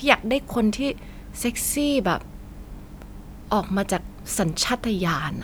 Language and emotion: Thai, neutral